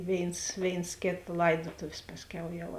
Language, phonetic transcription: Lithuanian, ˈvėins ˈvėins ˈkėt ˈlaidotov's' ˈpasˌkiau jau

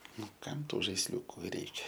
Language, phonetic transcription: Lithuanian, ˈnu ˈkam ˈtų žaisˈliūku ˈreikia

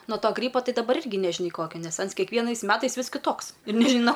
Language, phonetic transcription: Lithuanian, no ˈto grypo ˈtai daˈbar ˈirgi nežiˈnai ˈkokio ˈnes ˈans kekˈvienais ˈmetais ˈvis kiˈtoks ir nežiˈnau

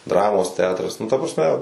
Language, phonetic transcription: Lithuanian, ˈdramos ˈteatras nu ta prasˈme

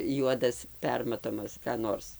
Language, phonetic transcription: Lithuanian, ˈjuodas ˈpermatomas ką ˈnors

